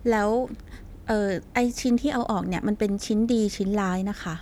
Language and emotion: Thai, neutral